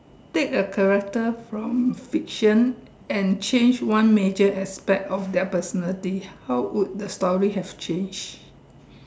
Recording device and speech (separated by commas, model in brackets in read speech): standing microphone, conversation in separate rooms